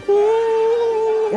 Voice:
ghost voice